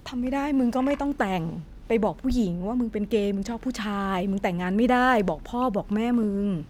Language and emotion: Thai, frustrated